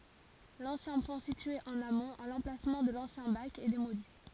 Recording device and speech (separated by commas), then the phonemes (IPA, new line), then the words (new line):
forehead accelerometer, read sentence
lɑ̃sjɛ̃ pɔ̃ sitye ɑ̃n amɔ̃t a lɑ̃plasmɑ̃ də lɑ̃sjɛ̃ bak ɛ demoli
L'ancien pont situé en amont, à l'emplacement de l'ancien bac, est démoli.